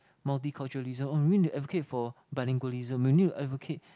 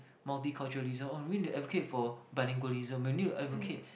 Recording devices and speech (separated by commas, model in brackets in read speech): close-talking microphone, boundary microphone, conversation in the same room